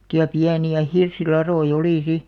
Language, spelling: Finnish, semmoisia pieniä hirsilatoja oli sitten
- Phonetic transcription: [semmot]ti₍a 'piäni₍ä "hirsilaroi'ʲ ‿olì 'si .

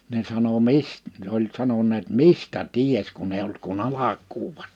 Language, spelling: Finnish, ne sanoi - oli sanoneet mistä tiesi kun ei ollut kuin alkua vasta
- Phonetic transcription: ne sano » "mis- « , oĺ 'sanoǹeet » "mistä "ties kun ‿eiʲ ‿olt kun "alak̀uu va(sta) « .

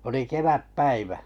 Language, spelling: Finnish, oli kevätpäivä
- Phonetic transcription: oli 'keväp'päivä .

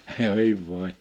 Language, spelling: Finnish, hei voi
- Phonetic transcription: 'hèi 'vòe !

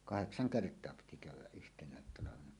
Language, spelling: Finnish, kahdeksan kertaa piti käydä yhtenä talvena
- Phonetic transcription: kaheksaŋ 'kert̀oa piti kä̀yw̆wäˀ "ˀyhteǹäät talavena .

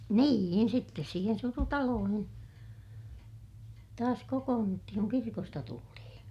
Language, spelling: Finnish, niin sitten siihen surutaloihin taas kokoonnuttiin kun kirkosta tultiin
- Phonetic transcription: nii₍in sittes siihen surutaloohin , taas kokoonnuttihiŋ kuŋ kirkosta tultihiḭ .

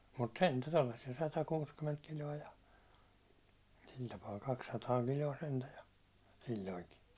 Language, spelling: Finnish, mutta sentään tuollaisia satakuusikymmentä kiloa ja sillä tapaa kaksisataa kiloa sentään ja silloinkin
- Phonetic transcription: mut "sentä 'tollassi₍a sata'kuuskyment kil̜o₍a ja , sil tapaa 'kakssataa kil̜o₍a 'sentä ja , 'sil̜l̜oiŋki .

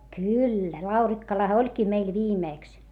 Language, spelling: Finnish, kyllä Laurikkalahan olikin meillä viimeksi
- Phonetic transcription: kyllä , Laurikkalaʰᵃ oĺkii meil viimèks .

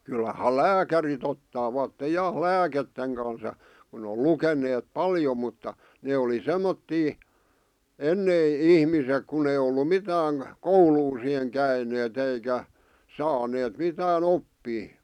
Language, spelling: Finnish, kyllähän lääkärit ottavat ja lääkkeiden kanssa ja kun on lukeneet paljon mutta ne oli semmoisia ennen ihmiset kun ei ollut mitään koulua siihen käyneet eikä saaneet mitään oppia
- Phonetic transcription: 'kyllaha "lääkärit ottaavatte 'ja , "lääketteŋ kans ʲᵃ , kun ‿o "luken̆neet "paljo mutta , 'nee oli "semmottii , "ennei , "ihmisek kun ‿ei ollu "mitääŋ , "kouluu siheŋ 'käineet eikä , "saaneet mitää'n ‿oppii .

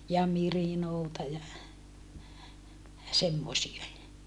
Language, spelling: Finnish, ja mirinoota ja semmoisia
- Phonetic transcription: ja mirinoota ja , semmosie .

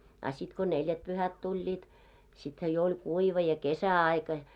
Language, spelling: Finnish, a sitten kun neljätpyhät tulivat sittenhän jo oli kuiva ja kesäaika
- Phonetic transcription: a sit ko "neljät'pyhät 'tuĺĺiit , sithä jo oĺ 'kuiva ja 'kesä₍aika .

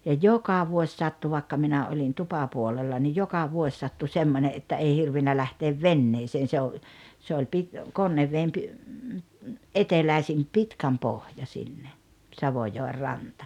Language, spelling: Finnish, ja joka vuosi sattui vaikka minä olin tupapuolella niin joka vuosi sattui semmoinen että ei hirvinnyt lähteä veneeseen se on se oli - Konneveden - eteläisin Pitkänpohja sinne Savojoen rantaan
- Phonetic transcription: ja "joka 'vuoś 'sattu vàekka 'minä oĺin "tupapuolella nij 'joka 'vuoś sattu 'semmone ’että 'ei 'hirvinnä lähteev "venneeseen̬ se o , se oĺ pit- , "Konnevveem pi- , '’eteläisim "Pitkämpohja sinne , 'Savojoer ranta .

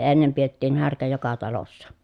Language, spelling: Finnish, ennen pidettiin härkä joka talossa
- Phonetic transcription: ennem piettiin härkä joka talossa .

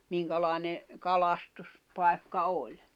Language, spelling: Finnish, minkälainen - kalastuspaikka oli
- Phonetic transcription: 'miŋkalài̬ne , 'kalastus- , -pai̬kka 'oĺ .

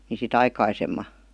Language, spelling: Finnish, niin sitä aikaisemmin
- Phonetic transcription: ni si"t ‿aikaisemma .

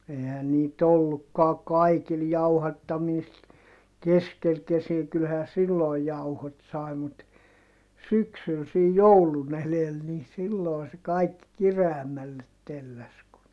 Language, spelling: Finnish, eihän niitä ollutkaan kaikilla jauhattamista keskellä kesiä kyllähän silloin jauhot sai mutta syksyllä sen joulun edellä niin silloin se kaikki kireämmälle telläsi kun
- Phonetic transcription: eihän niit ‿ollukkaa kaikil jauhattamiist , keskel kesiä - kylhää sillòi jauhot sài mut , syksyl sej joulun ‿elel ni sillòi se kaikki kireämmället telläs ku , .

